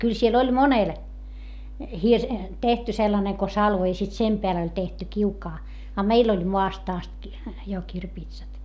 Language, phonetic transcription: Finnish, kyl siel ‿oĺ monel , hirs- , tehty sellaneŋ ko salvo i sit sem peäl ‿oĺ tehty kiukaa , a meil ‿oĺ moast ‿ast ki- , jo kirpiitsat .
- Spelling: kyllä siellä oli monella - tehty sellainen kuin salvo ja sitten sen päälle oli tehty kiuas a meillä oli maasta asti - jo kirpitsat

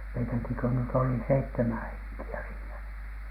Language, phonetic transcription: Finnish, meitäki ‿kö nyt oli "seittemän "heŋki₍ä siinä .
- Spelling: meitäkin kun nyt oli seitsemän henkeä siinä

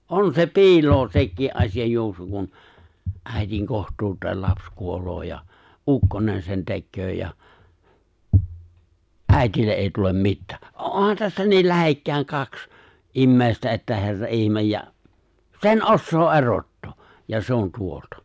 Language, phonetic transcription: Finnish, '’on se "pi̬iloo 'sekkii’ '’asiʲ ajjuoksu kun , '’ä̀itiŋ 'koht̀uut̀eel 'laps 'kuol̀oo ja , "’ukkonen sen 'tekköö ja , "’ä̀itille ’ ’èi tulem "mittää , '’ohan tässä 'niil 'lähekkä̀iŋ 'kaks , '’immè̬istä että 'herra '’ihmej ja , "se̬n "’ossoo "erottoo , ja 'se̬ ‿on 'tuolta .
- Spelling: on se piiloa sekin - asianjuoksu kun äidin kohtuun lapsi kuolee ja ukkonen sen tekee ja äidille - ei tule mitään onhan tässä niin lähekkäin kaksi ihmistä että herran ihme ja sen osaa erottaa ja se on tuolta

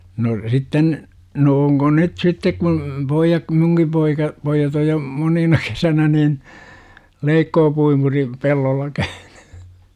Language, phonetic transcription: Finnish, no , 'sitten , no oŋko "nyt 'sittek kun , 'poijjak (ku) 'muŋki poika , 'poijjat oj jo , 'monina kesänä nin , 'leikkoopuimuri , 'pellolla käYNY .
- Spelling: no sitten no onko nyt sitten kun pojat kun minunkin poika pojat on jo monina kesänä niin leikkuupuimuri pellolla käynyt

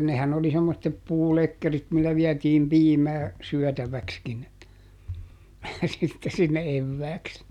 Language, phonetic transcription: Finnish, nehän oli semmottep ˈpuulekkerit millä ˈviätiim ˈpiimää , ˈsyɔ̈̀täväkskin , sitte sinne ˈevvääks .
- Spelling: nehän oli semmoiset puulekkerit millä vietiin piimää syötäväksikin sitten sinne evääksi

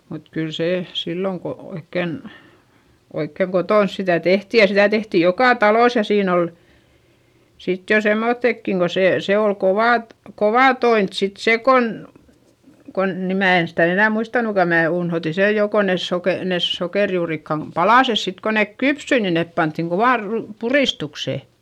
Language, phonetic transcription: Finnish, mut kyl sè , silloŋ ko oikken , oikkeŋ kotòns sitä̀ tehti ja sitä tehtij jokà talois ja siin ‿ol , sit jo semmoϑϑekkiŋ ko se , sè ol kovà t- , kovà toint sit sè kon , kon - ni mää en sitä enä̀ muistanuka mää unhoti sej jo ko nes soke- , nes sokèrjuurikkam palàses sit ko nèk kypsy ni nep panttiŋ kovàr ru- , purìstukse .
- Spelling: mutta kyllä se silloin kun oikein oikein kotona sitä tehtiin ja sitä tehtiin joka talossa ja siinä oli sitten jo semmoisetkin kun se se oli kovaa - kovaa tointa sitten se kun kun niin minä en sitä enää muistanutkaan minä unohdin sen jo kun ne - ne sokerijuurikkaan palaset sitten kun ne kypsyi niin ne pantiin kovaan - puristukseen

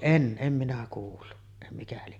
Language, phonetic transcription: Finnish, "en , 'em minä kuullu , ᵉttä mikä lie .
- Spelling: en en minä kuullut että mikä lie

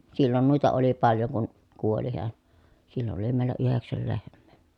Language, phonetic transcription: Finnish, sillon nùita oli paljoŋ kun , kuoli heän , sillon oli mèi̮l̀ä yheksäl lehm̆mè .
- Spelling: silloin noita oli paljon kun kuoli hän silloin oli meillä yhdeksän lehmää

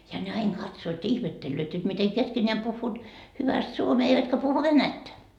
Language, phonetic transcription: Finnish, ja ne "ain 'katsoot ja 'ihmettellööt jot mite 'keskeńeäm 'puhhuut , 'hyväst 'suomee eivätkä puhu "venättä .
- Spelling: ja ne aina katsovat ja ihmettelevät jotta miten keskenään puhuvat hyvästi suomea eivätkä puhu venäjää

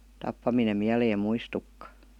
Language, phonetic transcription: Finnish, 'tappaminem miäleem "muistukka .
- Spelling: tappaminen mieleen muistukaan

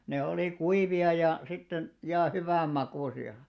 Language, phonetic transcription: Finnish, 'ne olì 'kuivi₍a ja , 'sitten , ja "hyvä̀m'makùsi₍a .
- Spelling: ne oli kuivia ja sitten ja hyvänmakuisia

